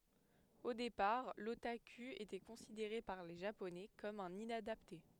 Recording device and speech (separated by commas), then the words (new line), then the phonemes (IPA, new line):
headset microphone, read sentence
Au départ, l'otaku était considéré par les Japonais comme un inadapté.
o depaʁ lotaky etɛ kɔ̃sideʁe paʁ le ʒaponɛ kɔm œ̃n inadapte